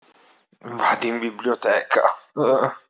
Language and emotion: Italian, disgusted